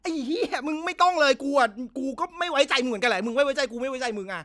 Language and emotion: Thai, angry